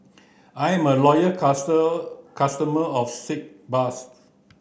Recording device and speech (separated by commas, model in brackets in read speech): boundary microphone (BM630), read sentence